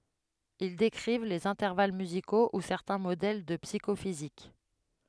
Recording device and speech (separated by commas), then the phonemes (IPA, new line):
headset microphone, read sentence
il dekʁiv lez ɛ̃tɛʁval myziko u sɛʁtɛ̃ modɛl də psikofizik